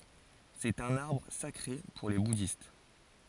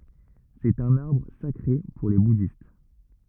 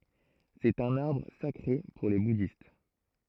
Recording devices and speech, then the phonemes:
forehead accelerometer, rigid in-ear microphone, throat microphone, read sentence
sɛt œ̃n aʁbʁ sakʁe puʁ le budist

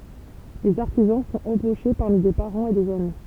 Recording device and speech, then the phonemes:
temple vibration pickup, read sentence
lez aʁtizɑ̃ sɔ̃t ɑ̃boʃe paʁmi de paʁɑ̃z e dez ami

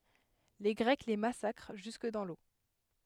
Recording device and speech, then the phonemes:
headset microphone, read sentence
le ɡʁɛk le masakʁ ʒysk dɑ̃ lo

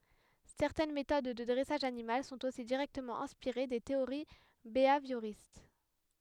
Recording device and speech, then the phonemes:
headset microphone, read sentence
sɛʁtɛn metod də dʁɛsaʒ animal sɔ̃t osi diʁɛktəmɑ̃ ɛ̃spiʁe de teoʁi beavjoʁist

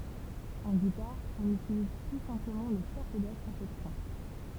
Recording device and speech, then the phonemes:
temple vibration pickup, read sentence
ɑ̃ ɡitaʁ ɔ̃n ytiliz ply sɛ̃pləmɑ̃ lə kapodastʁ a sɛt fɛ̃

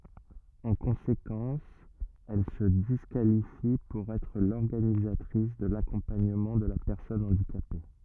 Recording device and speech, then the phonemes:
rigid in-ear microphone, read sentence
ɑ̃ kɔ̃sekɑ̃s ɛl sə diskalifi puʁ ɛtʁ lɔʁɡanizatʁis də lakɔ̃paɲəmɑ̃ də la pɛʁsɔn ɑ̃dikape

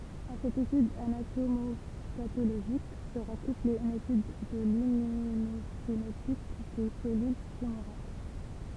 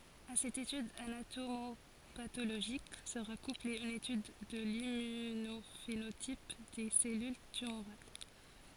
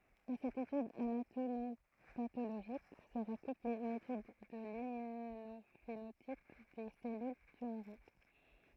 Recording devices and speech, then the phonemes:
temple vibration pickup, forehead accelerometer, throat microphone, read sentence
a sɛt etyd anatomopatoloʒik səʁa kuple yn etyd də limmynofenotip de sɛlyl tymoʁal

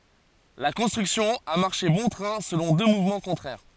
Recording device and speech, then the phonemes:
forehead accelerometer, read sentence
la kɔ̃stʁyksjɔ̃ a maʁʃe bɔ̃ tʁɛ̃ səlɔ̃ dø muvmɑ̃ kɔ̃tʁɛʁ

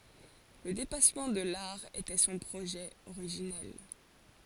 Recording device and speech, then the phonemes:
forehead accelerometer, read sentence
lə depasmɑ̃ də laʁ etɛ sɔ̃ pʁoʒɛ oʁiʒinɛl

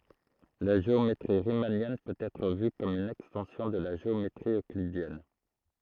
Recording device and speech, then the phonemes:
throat microphone, read sentence
la ʒeometʁi ʁimanjɛn pøt ɛtʁ vy kɔm yn ɛkstɑ̃sjɔ̃ də la ʒeometʁi øklidjɛn

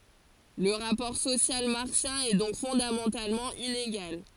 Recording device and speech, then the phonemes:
forehead accelerometer, read sentence
lə ʁapɔʁ sosjal maʁksjɛ̃ ɛ dɔ̃k fɔ̃damɑ̃talmɑ̃ ineɡal

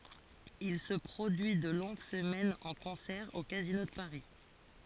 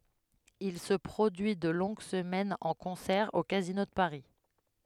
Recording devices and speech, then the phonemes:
forehead accelerometer, headset microphone, read sentence
il sə pʁodyi də lɔ̃ɡ səmɛnz ɑ̃ kɔ̃sɛʁ o kazino də paʁi

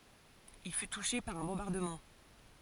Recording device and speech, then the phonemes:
forehead accelerometer, read sentence
il fy tuʃe paʁ œ̃ bɔ̃baʁdəmɑ̃

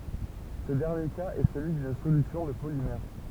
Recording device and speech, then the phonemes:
temple vibration pickup, read sentence
sə dɛʁnje kaz ɛ səlyi dyn solysjɔ̃ də polimɛʁ

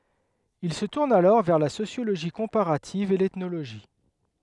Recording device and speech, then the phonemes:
headset microphone, read sentence
il sə tuʁn alɔʁ vɛʁ la sosjoloʒi kɔ̃paʁativ e l ɛtnoloʒi

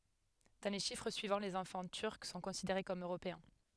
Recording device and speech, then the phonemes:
headset microphone, read sentence
dɑ̃ le ʃifʁ syivɑ̃ lez ɑ̃fɑ̃ tyʁk sɔ̃ kɔ̃sideʁe kɔm øʁopeɛ̃

